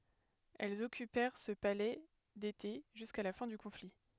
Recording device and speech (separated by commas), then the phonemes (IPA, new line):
headset microphone, read sentence
ɛlz ɔkypɛʁ sə palɛ dete ʒyska la fɛ̃ dy kɔ̃fli